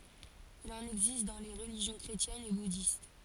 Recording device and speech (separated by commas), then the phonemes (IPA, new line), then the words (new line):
forehead accelerometer, read sentence
il ɑ̃n ɛɡzist dɑ̃ le ʁəliʒjɔ̃ kʁetjɛnz e budist
Il en existe dans les religions chrétiennes et bouddhiste.